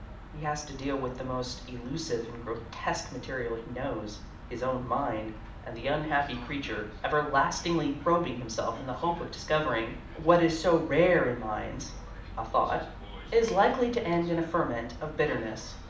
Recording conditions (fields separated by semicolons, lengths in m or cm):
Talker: one person; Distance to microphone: 2.0 m; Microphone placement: close; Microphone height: 99 cm; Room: medium-sized (5.7 m by 4.0 m); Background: television